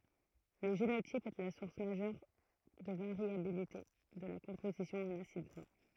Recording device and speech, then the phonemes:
throat microphone, read sentence
lə ʒenotip ɛ la suʁs maʒœʁ də vaʁjabilite də la kɔ̃pozisjɔ̃ ɑ̃n asid ɡʁa

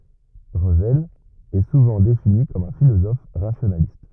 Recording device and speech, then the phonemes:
rigid in-ear microphone, read sentence
ʁəvɛl ɛ suvɑ̃ defini kɔm œ̃ filozɔf ʁasjonalist

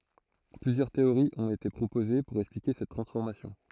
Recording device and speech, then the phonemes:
throat microphone, read sentence
plyzjœʁ teoʁiz ɔ̃t ete pʁopoze puʁ ɛksplike sɛt tʁɑ̃sfɔʁmasjɔ̃

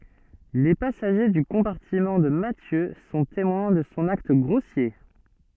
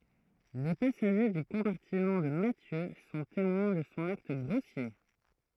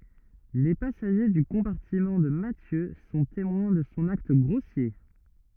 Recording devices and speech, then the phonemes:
soft in-ear microphone, throat microphone, rigid in-ear microphone, read sentence
le pasaʒe dy kɔ̃paʁtimɑ̃ də matjø sɔ̃ temwɛ̃ də sɔ̃ akt ɡʁosje

